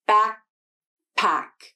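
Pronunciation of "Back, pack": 'Back, pack' is said slowly, and the k sound at the end of 'back' is unreleased before moving into the p of 'pack'.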